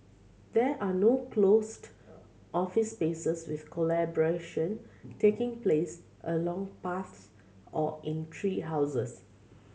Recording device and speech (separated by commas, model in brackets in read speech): mobile phone (Samsung C7100), read sentence